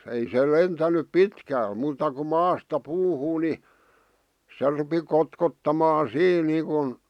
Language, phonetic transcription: Finnish, ei se 'lentänyp "pitkäl , muuta ku "maasta "puuhuu ni , se rupi 'kotkottamaa "siin niikun ,.
- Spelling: ei se lentänyt pitkälle muuta kuin maasta puuhun niin se rupesi kotkottamaan siinä niin kuin

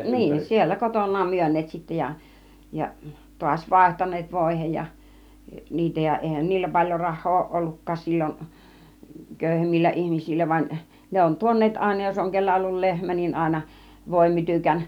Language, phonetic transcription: Finnish, 'niin siellä "koton̆naam 'myön̆neet sittä ja , ja , tu̬aś "vàihtan̆neet 'vòihej ja , 'niitä ja 'èihän niillä 'paĺjo 'rah̆hoo òuˀ 'ˀollukkaas sil͕l͕on , "kö̀yhemmillä 'ihmisillä vaⁱn , 'ne on "tuon̆neet 'àina jos oŋ 'kellä ollul "lehmä niin 'àina , 'vòimytykän .
- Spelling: niin siellä kotonaan myyneet sitten ja ja taas vaihtaneet voihin ja niitä ja eihän niillä paljon rahaa ole ollutkaan silloin köyhemmillä ihmisillä vaan ne on tuoneet aina jos on kenellä ollut lehmä niin aina voimytykän

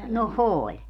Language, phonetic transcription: Finnish, no "ooĺ .
- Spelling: no oli

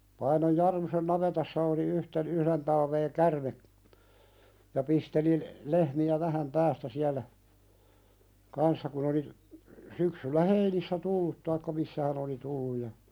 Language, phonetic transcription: Finnish, Painoj "Jarmusen 'navetassa oli yhten- 'yhðen talvee "kärme , ja pisteli , 'lehmi₍ä vähäm "päästä 'siälä , "kanssa kun ‿oli , syksyllä "heinissä tullut taikka 'missä hän ‿oli tulluj ja ,.
- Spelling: Painon Jarmusen navetassa oli yhtenä yhden talven käärme ja pisteli lehmiä vähän päästä siellä kanssa kun oli syksyllä heinissä tullut tai missä hän oli tullut ja

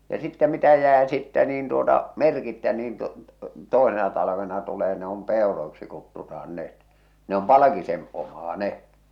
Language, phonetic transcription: Finnish, ja sittä mitä 'jää 'sittä niin tuota , "merkittä niin tu- , "tòesena talavena tulee ne om "pèoroiksi kuttutahan 'net , ne om "palᵃkisen , 'ommaa "ne .
- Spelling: ja sitten mitä jää sitten niin tuota merkittä niin - toisena talvena tulee ne on peuroiksi kutsutaan ne ne on palkisen omaa ne

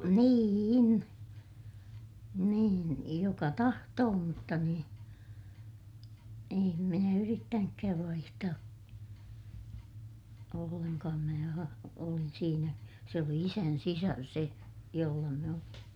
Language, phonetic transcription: Finnish, nii₍in , niin , joka tahtoo mutta niḭ , em minä yrittänykkääv vaihtaa , ollenkaam mää a- , olin siinä , se oli isän sisar se , jolla mä (olin) .
- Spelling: niin niin joka tahtoi mutta niin en minä yrittänytkään vaihtaa ollenkaan minä - olin siinä se oli isän sisar se jolla minä olin

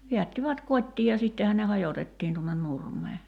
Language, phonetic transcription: Finnish, 'viättivät "kot́tii ja 'sittehän ne "hajotettiin tuonnen 'nurm̀ee .
- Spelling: vedättivät kotiin ja sittenhän ne hajotettiin tuonne nurmelle

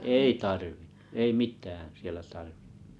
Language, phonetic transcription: Finnish, ei tarvɪɴɴᴜ , 'ei "mit̀ään 'sielä tarvi[nnut] .
- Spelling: ei tarvinnut ei mitään siellä tarvinnut

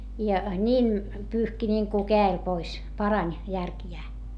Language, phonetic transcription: Finnish, ja ńiin , pyyhki ńiiŋku kää₍el pois , parań , järkjää .
- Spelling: ja niin pyyhki niin kuin kädellä pois parani järkiään

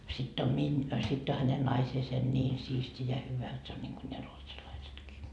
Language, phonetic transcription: Finnish, sitt ‿on 'miń- , sitt ‿o häne 'naiseese "ńiin 'siisti ja 'hyvä et se on niŋGu ne 'ruotsalaisetkii .
- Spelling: sitten on - sitten on hänen naisensa niin siisti ja hyvä että se on niin kuin ne ruotsalaisetkin

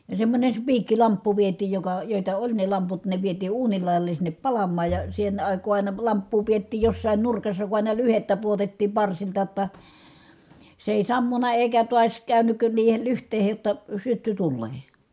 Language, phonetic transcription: Finnish, ja semmońes spiikkilamppu viet̀iij joka , jòita oĺ ne lamput ne vietii uunil lài̮jale sinnep palammaaj ja , sen àik̀oo ài̮na lamppuu piettiij jossàin nurkassa ku àina lyhettä puotettiim parsilta ‿tta , se èi sammuna èikä tuas kä̀ynyk niihel lyht̀eehej jotta , sytty tullee .
- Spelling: ja semmoinen spiikkilamppu vietiin joka joita oli ne lamput ne vietiin uunin laidalle sinne palamaan ja sen aikaa aina lamppua pidettiin jossakin nurkassa kun aina lyhdettä pudotettiin parsilta jotta se ei sammunut eikä taas käynyt niihin lyhteisiin jotta syttyi tuleen

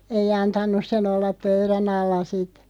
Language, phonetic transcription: Finnish, ei 'antan̆nus se'n ‿ollap "pöyrä'n ‿alla 'sit .
- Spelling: ei antanut sen olla pöydän alla sitten

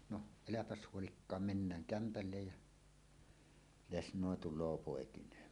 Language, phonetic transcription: Finnish, no , "eläpäs 'huolikkaam "mennääŋ "kämpällej "jä , "lesnòe 'tul̆loo 'pòekiǹeen .
- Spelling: no eipä huoli mennään kämpälle ja lesnoi tulee poikineen

